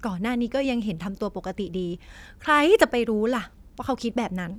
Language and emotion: Thai, frustrated